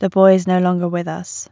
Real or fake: real